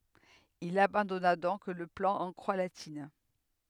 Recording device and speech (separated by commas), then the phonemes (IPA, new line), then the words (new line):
headset microphone, read sentence
il abɑ̃dɔna dɔ̃k lə plɑ̃ ɑ̃ kʁwa latin
Il abandonna donc le plan en croix latine.